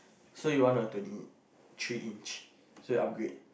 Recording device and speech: boundary microphone, conversation in the same room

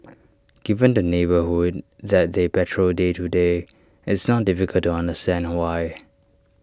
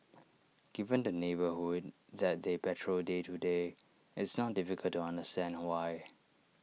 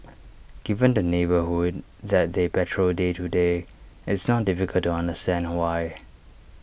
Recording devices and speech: standing microphone (AKG C214), mobile phone (iPhone 6), boundary microphone (BM630), read sentence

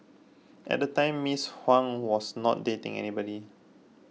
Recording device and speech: mobile phone (iPhone 6), read sentence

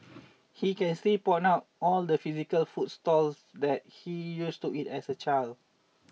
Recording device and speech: mobile phone (iPhone 6), read sentence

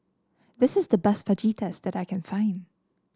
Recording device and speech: standing microphone (AKG C214), read sentence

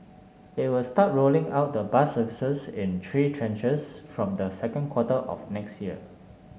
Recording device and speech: mobile phone (Samsung S8), read sentence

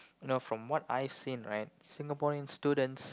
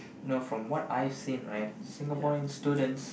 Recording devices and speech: close-talking microphone, boundary microphone, conversation in the same room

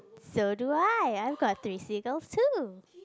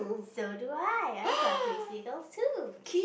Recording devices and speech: close-talking microphone, boundary microphone, conversation in the same room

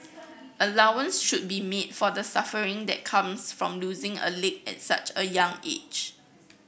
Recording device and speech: boundary microphone (BM630), read sentence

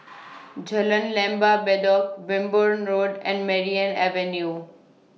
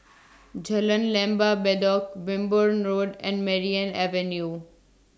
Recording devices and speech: mobile phone (iPhone 6), standing microphone (AKG C214), read sentence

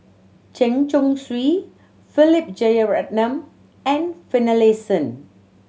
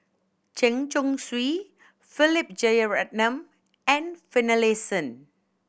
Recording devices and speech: mobile phone (Samsung C7100), boundary microphone (BM630), read sentence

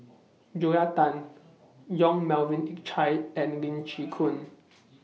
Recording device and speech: mobile phone (iPhone 6), read sentence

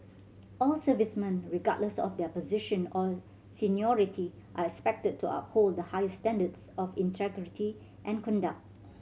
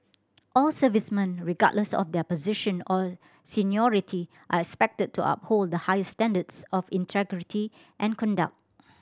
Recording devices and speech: mobile phone (Samsung C7100), standing microphone (AKG C214), read sentence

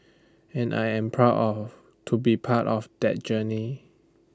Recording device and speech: standing microphone (AKG C214), read sentence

